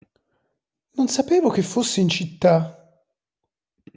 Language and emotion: Italian, surprised